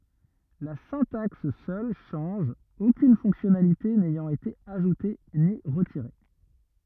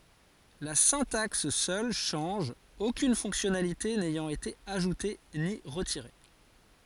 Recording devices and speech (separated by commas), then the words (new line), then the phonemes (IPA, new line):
rigid in-ear microphone, forehead accelerometer, read sentence
La syntaxe seule change, aucune fonctionnalité n'ayant été ajoutée ni retirée.
la sɛ̃taks sœl ʃɑ̃ʒ okyn fɔ̃ksjɔnalite nɛjɑ̃t ete aʒute ni ʁətiʁe